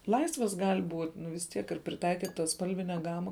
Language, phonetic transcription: Lithuanian, ˈlaisvas ˈgal' ˈbūt' ˈnu vis ˈtiek ir priˈtaikytas ˈspalvine ˈgama

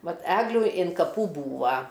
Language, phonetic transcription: Lithuanian, ˈvat ˈeglių in kaˈpų ˈbūva

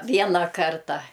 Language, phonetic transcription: Lithuanian, ˈviena ˈkarta

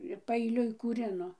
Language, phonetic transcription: Lithuanian, ir paeiˈliui kūˈrino

